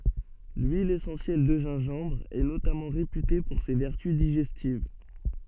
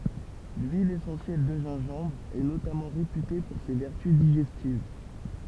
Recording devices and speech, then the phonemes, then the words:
soft in-ear microphone, temple vibration pickup, read sentence
lyil esɑ̃sjɛl də ʒɛ̃ʒɑ̃bʁ ɛ notamɑ̃ ʁepyte puʁ se vɛʁty diʒɛstiv
L'huile essentielle de gingembre est notamment réputée pour ses vertus digestives.

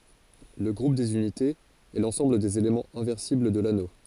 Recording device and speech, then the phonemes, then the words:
forehead accelerometer, read sentence
lə ɡʁup dez ynitez ɛ lɑ̃sɑ̃bl dez elemɑ̃z ɛ̃vɛʁsibl də lano
Le groupe des unités, est l'ensemble des éléments inversibles de l'anneau.

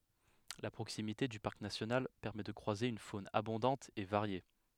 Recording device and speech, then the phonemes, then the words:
headset microphone, read sentence
la pʁoksimite dy paʁk nasjonal pɛʁmɛ də kʁwaze yn fon abɔ̃dɑ̃t e vaʁje
La proximité du parc national permet de croiser une faune abondante et variée.

